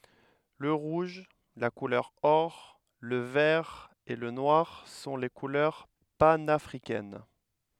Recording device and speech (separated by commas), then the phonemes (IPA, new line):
headset microphone, read sentence
lə ʁuʒ la kulœʁ ɔʁ lə vɛʁ e lə nwaʁ sɔ̃ le kulœʁ panafʁikɛn